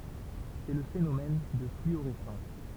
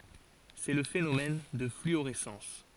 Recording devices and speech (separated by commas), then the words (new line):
temple vibration pickup, forehead accelerometer, read sentence
C'est le phénomène de fluorescence.